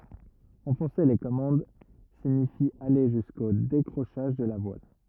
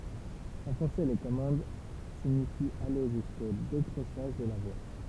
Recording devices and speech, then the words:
rigid in-ear microphone, temple vibration pickup, read sentence
Enfoncer les commandes signifie aller jusqu'au décrochage de la voile.

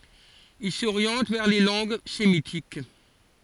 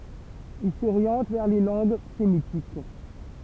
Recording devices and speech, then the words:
forehead accelerometer, temple vibration pickup, read sentence
Il s'oriente vers les langues sémitiques.

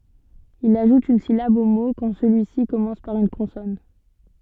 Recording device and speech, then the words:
soft in-ear microphone, read sentence
Il ajoute une syllabe au mot quand celui-ci commence par une consonne.

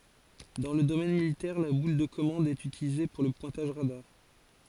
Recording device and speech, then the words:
forehead accelerometer, read sentence
Dans le domaine militaire, la boule de commande est utilisée pour le pointage radar.

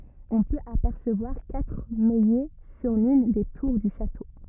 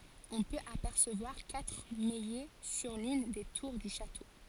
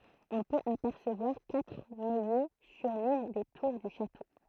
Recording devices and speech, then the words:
rigid in-ear microphone, forehead accelerometer, throat microphone, read sentence
On peut apercevoir quatre maillets sur l'une des tours du château.

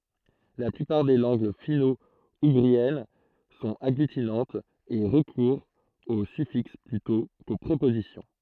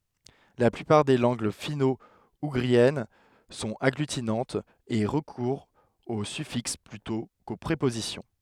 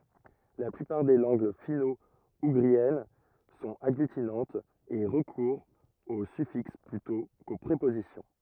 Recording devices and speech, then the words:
throat microphone, headset microphone, rigid in-ear microphone, read sentence
La plupart des langues finno-ougriennes sont agglutinantes et recourent aux suffixes plutôt qu'aux prépositions.

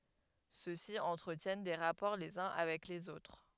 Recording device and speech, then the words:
headset microphone, read sentence
Ceux-ci entretiennent des rapports les uns avec les autres.

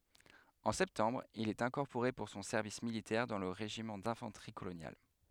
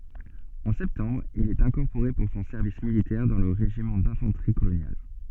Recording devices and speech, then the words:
headset microphone, soft in-ear microphone, read sentence
En septembre, il est incorporé pour son service militaire dans le régiment d'infanterie coloniale.

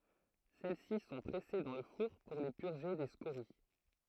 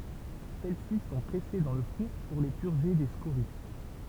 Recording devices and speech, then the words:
throat microphone, temple vibration pickup, read sentence
Celles-ci sont pressées dans le four pour les purger des scories.

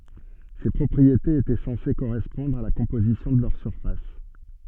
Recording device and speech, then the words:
soft in-ear microphone, read sentence
Ces propriétés étaient censées correspondre à la composition de leur surface.

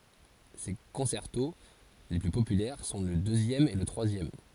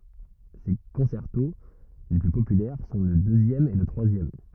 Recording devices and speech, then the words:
forehead accelerometer, rigid in-ear microphone, read sentence
Ses concertos les plus populaires sont le deuxième et le troisième.

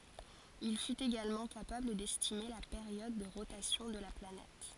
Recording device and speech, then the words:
forehead accelerometer, read sentence
Il fut également capable d'estimer la période de rotation de la planète.

